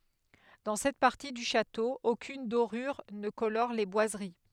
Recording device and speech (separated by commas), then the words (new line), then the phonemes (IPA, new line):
headset microphone, read sentence
Dans cette partie du château, aucune dorure ne colore les boiseries.
dɑ̃ sɛt paʁti dy ʃato okyn doʁyʁ nə kolɔʁ le bwazəʁi